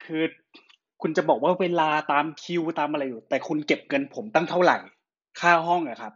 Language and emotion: Thai, angry